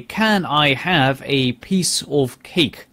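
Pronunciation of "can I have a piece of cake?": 'Can I have a piece of cake?' is said in an exaggerated non-native way, with the sounds not linked together.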